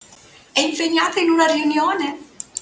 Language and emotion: Italian, happy